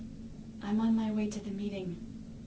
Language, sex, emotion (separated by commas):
English, female, neutral